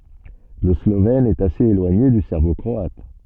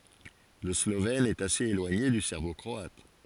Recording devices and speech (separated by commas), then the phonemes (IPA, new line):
soft in-ear microphone, forehead accelerometer, read sentence
lə slovɛn ɛt asez elwaɲe dy sɛʁbo kʁɔat